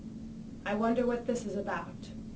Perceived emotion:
neutral